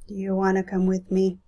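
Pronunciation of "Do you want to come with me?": In 'Do you want to come with me?' the voice goes down, so it is not really asking. It is telling: you have to come with me.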